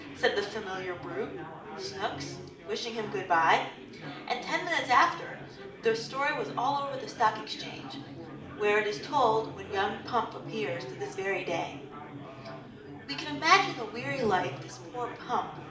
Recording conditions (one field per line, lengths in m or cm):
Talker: one person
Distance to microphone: 2.0 m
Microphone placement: close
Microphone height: 99 cm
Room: medium-sized (5.7 m by 4.0 m)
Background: babble